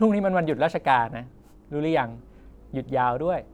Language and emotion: Thai, neutral